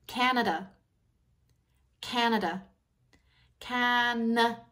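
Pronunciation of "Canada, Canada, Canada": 'Canada' is said three times in a more Canadian accent, with a schwa at the end of the word.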